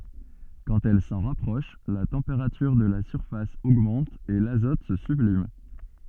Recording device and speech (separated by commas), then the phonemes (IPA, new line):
soft in-ear microphone, read sentence
kɑ̃t ɛl sɑ̃ ʁapʁɔʃ la tɑ̃peʁatyʁ də la syʁfas oɡmɑ̃t e lazɔt sə syblim